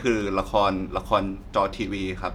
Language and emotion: Thai, neutral